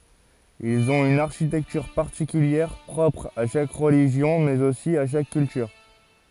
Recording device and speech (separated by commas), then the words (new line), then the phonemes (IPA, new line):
forehead accelerometer, read sentence
Ils ont une architecture particulière, propre à chaque religion, mais aussi à chaque culture.
ilz ɔ̃t yn aʁʃitɛktyʁ paʁtikyljɛʁ pʁɔpʁ a ʃak ʁəliʒjɔ̃ mɛz osi a ʃak kyltyʁ